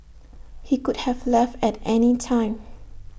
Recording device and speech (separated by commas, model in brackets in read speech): boundary microphone (BM630), read sentence